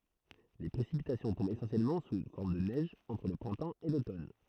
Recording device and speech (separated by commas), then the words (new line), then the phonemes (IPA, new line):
throat microphone, read sentence
Les précipitations tombent essentiellement sous forme de neige entre le printemps et l'automne.
le pʁesipitasjɔ̃ tɔ̃bt esɑ̃sjɛlmɑ̃ su fɔʁm də nɛʒ ɑ̃tʁ lə pʁɛ̃tɑ̃ e lotɔn